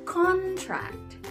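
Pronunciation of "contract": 'Contract' is pronounced here as the noun, not as the verb.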